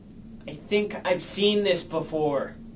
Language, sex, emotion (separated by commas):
English, male, angry